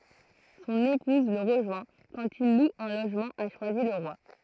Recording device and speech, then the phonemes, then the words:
throat microphone, read sentence
sɔ̃n epuz lə ʁəʒwɛ̃ kɑ̃t il lu œ̃ loʒmɑ̃ a ʃwazilʁwa
Son épouse le rejoint quand il loue un logement à Choisy-le-Roi.

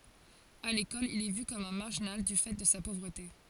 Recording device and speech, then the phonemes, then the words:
forehead accelerometer, read sentence
a lekɔl il ɛ vy kɔm œ̃ maʁʒinal dy fɛ də sa povʁəte
À l'école, il est vu comme un marginal du fait de sa pauvreté.

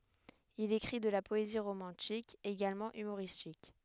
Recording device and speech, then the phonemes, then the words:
headset microphone, read sentence
il ekʁi də la pɔezi ʁomɑ̃tik eɡalmɑ̃ ymoʁistik
Il écrit de la poésie romantique, également humoristique.

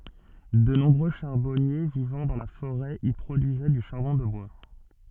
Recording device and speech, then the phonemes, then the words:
soft in-ear microphone, read sentence
də nɔ̃bʁø ʃaʁbɔnje vivɑ̃ dɑ̃ la foʁɛ i pʁodyizɛ dy ʃaʁbɔ̃ də bwa
De nombreux charbonniers vivant dans la forêt y produisaient du charbon de bois.

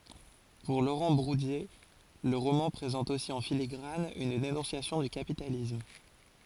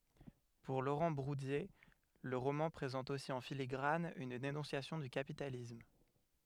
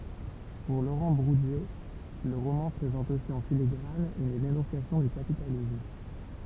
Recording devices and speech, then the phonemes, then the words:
forehead accelerometer, headset microphone, temple vibration pickup, read sentence
puʁ loʁɑ̃ buʁdje lə ʁomɑ̃ pʁezɑ̃t osi ɑ̃ filiɡʁan yn denɔ̃sjasjɔ̃ dy kapitalism
Pour Laurent Bourdier, le roman présente aussi en filigrane une dénonciation du capitalisme.

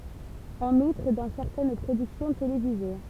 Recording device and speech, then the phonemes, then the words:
temple vibration pickup, read sentence
ɑ̃n utʁ dɑ̃ sɛʁtɛn pʁodyksjɔ̃ televize
En outre, dans certaines productions télévisées.

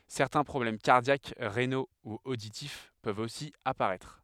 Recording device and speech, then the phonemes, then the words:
headset microphone, read sentence
sɛʁtɛ̃ pʁɔblɛm kaʁdjak ʁeno u oditif pøvt osi apaʁɛtʁ
Certains problèmes cardiaques, rénaux ou auditifs peuvent aussi apparaître.

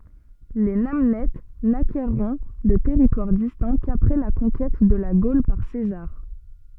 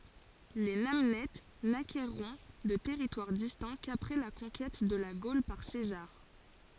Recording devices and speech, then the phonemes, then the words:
soft in-ear microphone, forehead accelerometer, read sentence
le nanɛt nakɛʁɔ̃ də tɛʁitwaʁ distɛ̃ kapʁɛ la kɔ̃kɛt də la ɡol paʁ sezaʁ
Les Namnètes n'acquerront de territoire distinct qu'après la conquête de la Gaule par César.

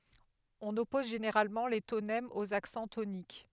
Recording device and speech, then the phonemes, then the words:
headset microphone, read sentence
ɔ̃n ɔpɔz ʒeneʁalmɑ̃ le tonɛmz oz aksɑ̃ tonik
On oppose généralement les tonèmes aux accents toniques.

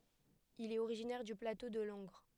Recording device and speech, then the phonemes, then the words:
headset microphone, read sentence
il ɛt oʁiʒinɛʁ dy plato də lɑ̃ɡʁ
Il est originaire du plateau de Langres.

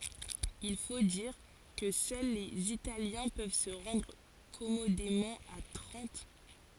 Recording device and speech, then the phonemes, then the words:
forehead accelerometer, read sentence
il fo diʁ kə sœl lez italjɛ̃ pøv sə ʁɑ̃dʁ kɔmodemɑ̃ a tʁɑ̃t
Il faut dire que seuls les Italiens peuvent se rendre commodément à Trente.

